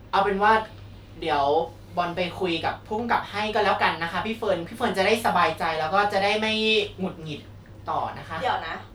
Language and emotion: Thai, frustrated